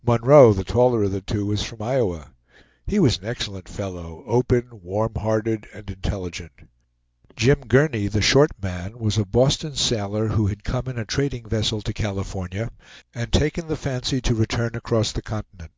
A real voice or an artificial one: real